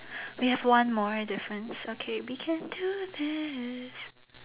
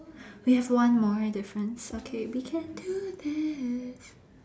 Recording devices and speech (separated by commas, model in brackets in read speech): telephone, standing microphone, conversation in separate rooms